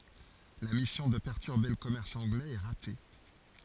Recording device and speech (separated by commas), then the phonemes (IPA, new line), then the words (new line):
forehead accelerometer, read sentence
la misjɔ̃ də pɛʁtyʁbe lə kɔmɛʁs ɑ̃ɡlɛz ɛ ʁate
La mission de perturber le commerce anglais est ratée.